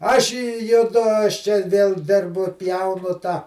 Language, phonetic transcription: Lithuanian, ˈaš i juˈdu aš čia vėl ˈdirbu ˈpjaunu tą

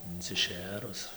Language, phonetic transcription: Lithuanian, inciˈšėrus

